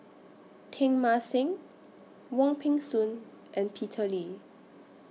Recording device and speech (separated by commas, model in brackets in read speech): mobile phone (iPhone 6), read sentence